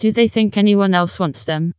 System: TTS, vocoder